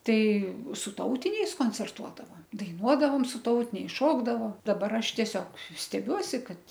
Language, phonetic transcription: Lithuanian, ˈtai su ˈtautiniais koncerˈtuodava daiˈnuodavom su ˈtautiniais ˈšokdavo daˈbar ˈaš tieˈsiog steˈbiuosi ˈkad

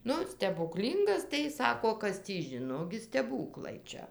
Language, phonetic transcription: Lithuanian, ˈnu stebuˈklyngas tai jis ˈsako ˈkas tį ˈžino ˈgi steˈbūklai ˈčia

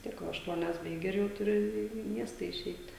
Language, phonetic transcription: Lithuanian, vis ˈtiek ˈva ašˈtuonias baiˈgi ir jau tuˈri ˈį į ˈmiesta iˈšeit'

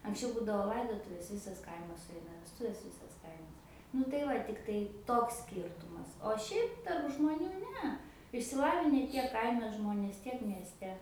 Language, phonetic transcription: Lithuanian, anksˈčiau ˈbūdavo ˈlaidotuvės ˈvisas ˈkaimas suˈeina vesˈtuvės ˈvysas ˈkaimas nu tai ˈva ˈtiktai toks ˈskyrtumas o ˈšiaip tarp žmoˈnių ˈne išsiˈlavine ˈtiek ˈkaime ˈžmonės ˈtiek miesˈte

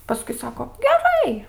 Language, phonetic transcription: Lithuanian, paˈskui ˈsako geˈrai

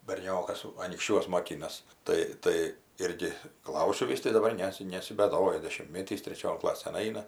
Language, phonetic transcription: Lithuanian, berˈniokas anykšˈčiuos moˈkinas ˈtai ˈtai ˈirgi ˈklausiu ˈvis tai daˈbar ˈnesi nesibeˈdoja dešimtˈmėtys treˈčion ˈklasėn ˈaina

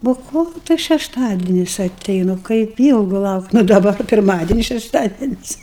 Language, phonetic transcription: Lithuanian, ˈbuo ˈkol tas šešˈtadenis aˈteinu kaip ˈylgu ˈlaukt' nu daˈba kai pirˈmadenis šešˈtadenis

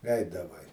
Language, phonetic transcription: Lithuanian, ˈeidavai

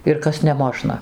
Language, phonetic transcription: Lithuanian, ir ˈkas neˈmožna

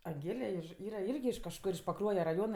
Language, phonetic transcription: Lithuanian, anˈgėle iš ˈyra ˈirgi iš kažˈkur iš paˈkruoje raˈjona

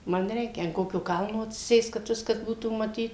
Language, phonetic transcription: Lithuanian, ˈman ˈreikia an ˈkokio ˈkalno atsiˈsėst kad ˈviskas ˈbūtų maˈtyt

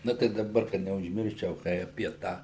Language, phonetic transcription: Lithuanian, ˈnu tai daˈbar kad neužˈmirščiau ˈkai apie ˈtą

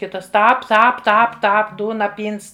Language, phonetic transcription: Lithuanian, ˈkitas ˈtāp ˈtāp ˈtāp ˈtāp ˈdūna ˈpyns

